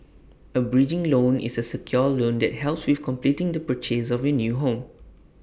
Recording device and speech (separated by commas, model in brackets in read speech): boundary microphone (BM630), read sentence